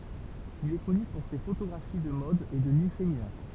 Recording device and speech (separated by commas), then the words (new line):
temple vibration pickup, read sentence
Il est connu pour ses photographies de mode et de nus féminins.